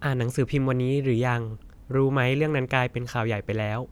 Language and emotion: Thai, neutral